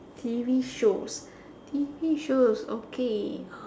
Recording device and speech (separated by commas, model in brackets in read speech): standing microphone, conversation in separate rooms